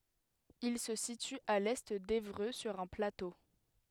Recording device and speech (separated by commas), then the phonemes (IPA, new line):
headset microphone, read sentence
il sə sity a lɛ devʁø syʁ œ̃ plato